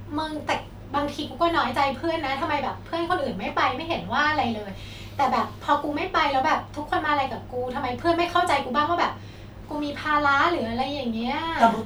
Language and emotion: Thai, frustrated